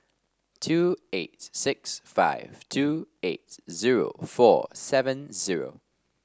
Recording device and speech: standing microphone (AKG C214), read sentence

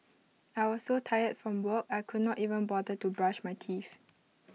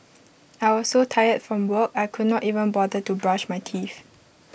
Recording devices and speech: mobile phone (iPhone 6), boundary microphone (BM630), read sentence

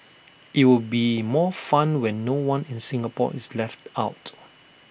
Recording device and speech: boundary microphone (BM630), read sentence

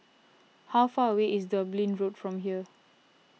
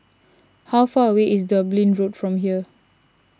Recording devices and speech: mobile phone (iPhone 6), standing microphone (AKG C214), read sentence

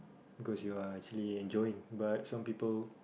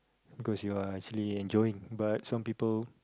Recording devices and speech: boundary microphone, close-talking microphone, conversation in the same room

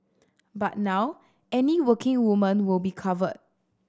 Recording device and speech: standing microphone (AKG C214), read sentence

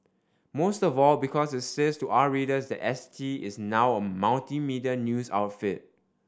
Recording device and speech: standing microphone (AKG C214), read sentence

